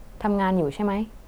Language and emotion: Thai, neutral